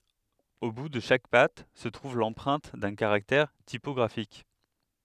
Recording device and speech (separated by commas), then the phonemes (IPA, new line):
headset microphone, read sentence
o bu də ʃak pat sə tʁuv lɑ̃pʁɛ̃t dœ̃ kaʁaktɛʁ tipɔɡʁafik